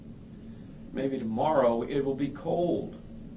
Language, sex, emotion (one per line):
English
male
neutral